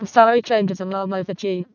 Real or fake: fake